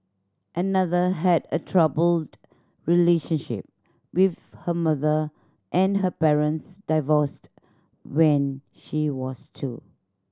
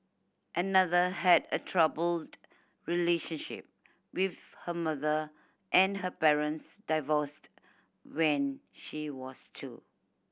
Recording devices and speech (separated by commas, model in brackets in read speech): standing microphone (AKG C214), boundary microphone (BM630), read sentence